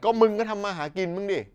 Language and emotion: Thai, frustrated